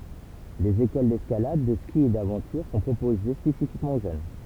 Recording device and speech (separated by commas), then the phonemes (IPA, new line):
temple vibration pickup, read sentence
dez ekol dɛskalad də ski e davɑ̃tyʁ sɔ̃ pʁopoze spesifikmɑ̃ o ʒøn